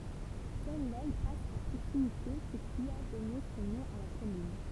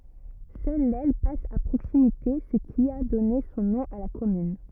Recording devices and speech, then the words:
temple vibration pickup, rigid in-ear microphone, read sentence
Seule l'Elle passe à proximité, ce qui a donné son nom à la commune.

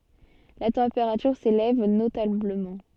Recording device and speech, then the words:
soft in-ear microphone, read sentence
La température s'élève notablement.

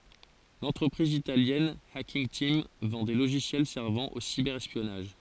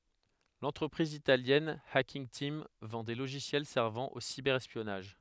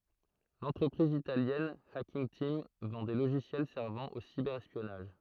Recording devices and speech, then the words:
forehead accelerometer, headset microphone, throat microphone, read sentence
L’entreprise italienne Hacking Team vend des logiciels servant au cyber-espionnage.

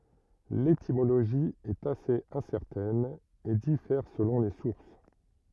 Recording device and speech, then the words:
rigid in-ear microphone, read sentence
L'étymologie est assez incertaine et diffère selon les sources.

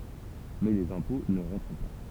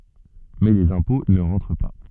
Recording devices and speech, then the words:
temple vibration pickup, soft in-ear microphone, read sentence
Mais les impôts ne rentrent pas.

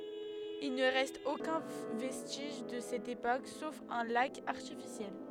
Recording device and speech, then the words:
headset microphone, read sentence
Il ne reste aucun vestige de cette époque, sauf un lac artificiel.

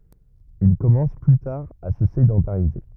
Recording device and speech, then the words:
rigid in-ear microphone, read sentence
Ils commencent plus tard à se sédentariser.

